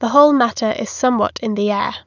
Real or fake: real